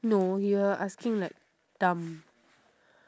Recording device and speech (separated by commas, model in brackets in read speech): standing microphone, conversation in separate rooms